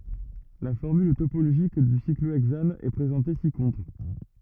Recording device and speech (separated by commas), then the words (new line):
rigid in-ear microphone, read sentence
La formule topologique du cyclohexane est présentée ci-contre.